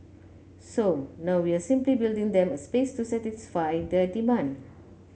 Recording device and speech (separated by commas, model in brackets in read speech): mobile phone (Samsung C9), read sentence